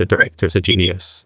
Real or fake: fake